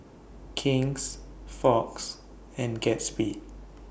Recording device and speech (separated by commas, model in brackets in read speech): boundary microphone (BM630), read sentence